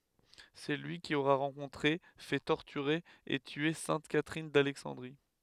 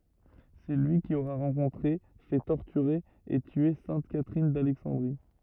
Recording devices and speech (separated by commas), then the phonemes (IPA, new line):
headset microphone, rigid in-ear microphone, read sentence
sɛ lyi ki oʁɛ ʁɑ̃kɔ̃tʁe fɛ tɔʁtyʁe e tye sɛ̃t katʁin dalɛksɑ̃dʁi